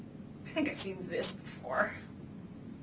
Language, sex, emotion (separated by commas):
English, female, sad